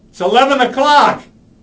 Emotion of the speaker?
angry